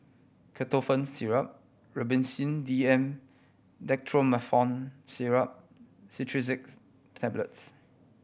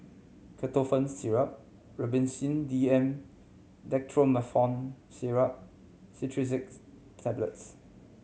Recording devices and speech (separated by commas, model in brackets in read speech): boundary microphone (BM630), mobile phone (Samsung C7100), read sentence